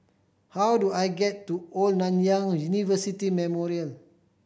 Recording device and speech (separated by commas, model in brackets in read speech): boundary microphone (BM630), read sentence